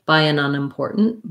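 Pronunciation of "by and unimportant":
In 'by an unimportant', the word 'an' is reduced and its vowel drops off a little. 'By an' links into 'unimportant'.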